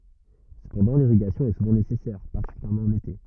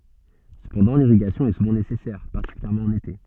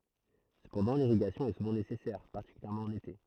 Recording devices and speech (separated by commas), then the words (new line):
rigid in-ear microphone, soft in-ear microphone, throat microphone, read sentence
Cependant l'irrigation est souvent nécessaire, particulièrement en été.